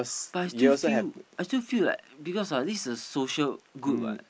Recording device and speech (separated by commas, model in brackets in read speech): boundary microphone, conversation in the same room